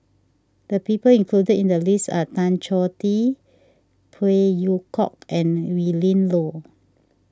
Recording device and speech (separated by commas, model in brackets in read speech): standing microphone (AKG C214), read sentence